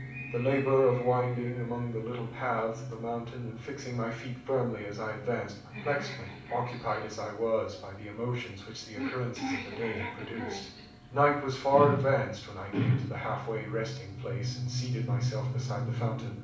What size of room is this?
A moderately sized room (about 5.7 m by 4.0 m).